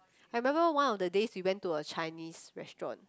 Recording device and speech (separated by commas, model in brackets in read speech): close-talking microphone, conversation in the same room